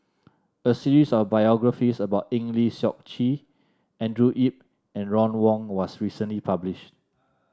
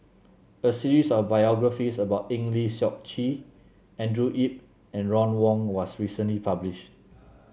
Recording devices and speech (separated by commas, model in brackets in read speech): standing microphone (AKG C214), mobile phone (Samsung C7), read sentence